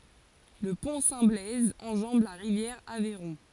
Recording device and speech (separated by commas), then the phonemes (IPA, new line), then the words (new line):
forehead accelerometer, read sentence
lə pɔ̃ sɛ̃ blɛz ɑ̃ʒɑ̃b la ʁivjɛʁ avɛʁɔ̃
Le Pont Saint-Blaise enjambe la rivière Aveyron.